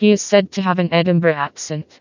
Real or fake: fake